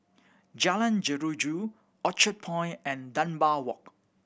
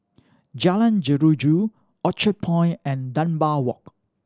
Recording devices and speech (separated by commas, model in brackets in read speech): boundary microphone (BM630), standing microphone (AKG C214), read sentence